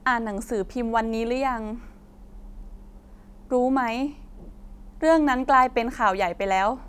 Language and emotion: Thai, frustrated